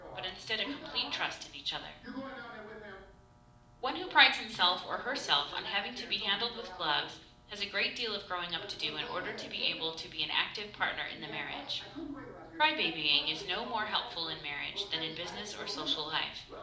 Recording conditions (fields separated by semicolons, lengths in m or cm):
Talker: one person; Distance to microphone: 2.0 m; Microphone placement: close; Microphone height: 99 cm; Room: medium-sized (5.7 m by 4.0 m); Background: television